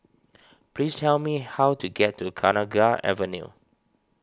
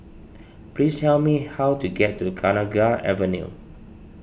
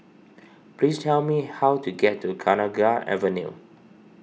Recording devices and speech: standing microphone (AKG C214), boundary microphone (BM630), mobile phone (iPhone 6), read sentence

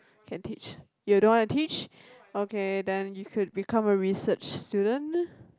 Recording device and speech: close-talking microphone, conversation in the same room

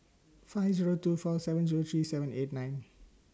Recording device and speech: standing microphone (AKG C214), read sentence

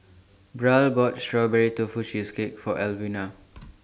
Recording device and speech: standing microphone (AKG C214), read sentence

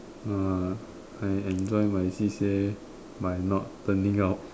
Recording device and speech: standing microphone, conversation in separate rooms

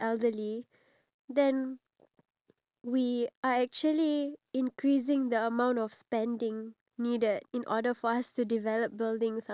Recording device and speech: standing microphone, conversation in separate rooms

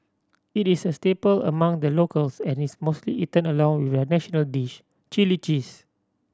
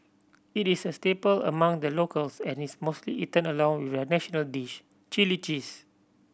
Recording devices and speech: standing microphone (AKG C214), boundary microphone (BM630), read sentence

